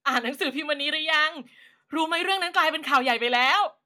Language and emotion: Thai, happy